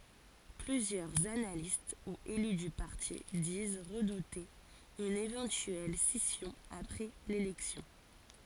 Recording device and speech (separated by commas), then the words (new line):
forehead accelerometer, read sentence
Plusieurs analystes ou élus du parti disent redouter une éventuelle scission après l'élection.